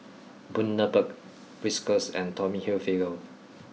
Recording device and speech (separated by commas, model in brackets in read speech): mobile phone (iPhone 6), read sentence